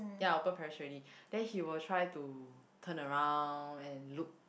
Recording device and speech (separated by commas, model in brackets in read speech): boundary microphone, conversation in the same room